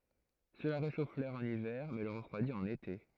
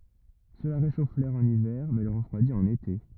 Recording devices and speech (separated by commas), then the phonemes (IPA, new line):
throat microphone, rigid in-ear microphone, read sentence
səla ʁeʃof lɛʁ ɑ̃n ivɛʁ mɛ lə ʁəfʁwadi ɑ̃n ete